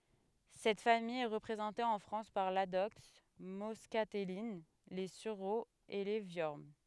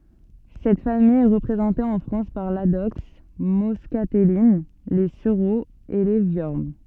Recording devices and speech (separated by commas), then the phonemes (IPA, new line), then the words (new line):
headset microphone, soft in-ear microphone, read sentence
sɛt famij ɛ ʁəpʁezɑ̃te ɑ̃ fʁɑ̃s paʁ ladɔks mɔskatɛlin le syʁoz e le vjɔʁn
Cette famille est représentée en France par l'adoxe moscatelline, les sureaux et les viornes.